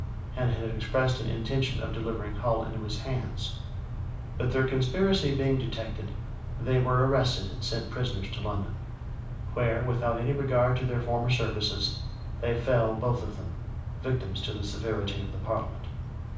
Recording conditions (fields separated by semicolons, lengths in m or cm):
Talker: one person; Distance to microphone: 5.8 m; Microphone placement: far; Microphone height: 1.8 m; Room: medium-sized (5.7 m by 4.0 m); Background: none